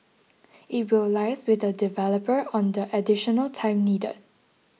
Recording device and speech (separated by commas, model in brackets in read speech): mobile phone (iPhone 6), read sentence